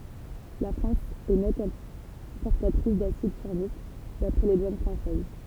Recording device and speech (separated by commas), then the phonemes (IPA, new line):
temple vibration pickup, read sentence
la fʁɑ̃s ɛ nɛt ɛ̃pɔʁtatʁis dasid fɔʁmik dapʁɛ le dwan fʁɑ̃sɛz